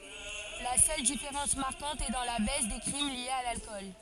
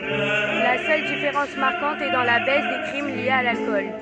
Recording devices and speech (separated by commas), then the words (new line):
forehead accelerometer, soft in-ear microphone, read sentence
La seule différence marquante est dans la baisse des crimes liés à l'alcool.